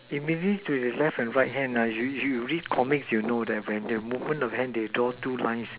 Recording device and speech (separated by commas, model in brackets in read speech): telephone, conversation in separate rooms